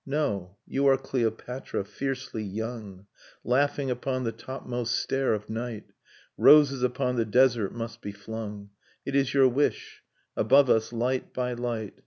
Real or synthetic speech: real